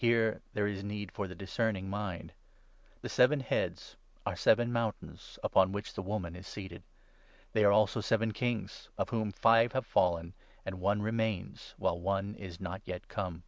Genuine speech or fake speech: genuine